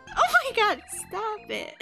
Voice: high-pitched